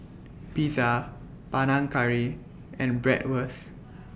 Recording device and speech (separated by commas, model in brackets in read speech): boundary microphone (BM630), read sentence